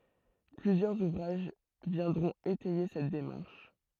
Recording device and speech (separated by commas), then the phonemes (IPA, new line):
throat microphone, read sentence
plyzjœʁz uvʁaʒ vjɛ̃dʁɔ̃t etɛje sɛt demaʁʃ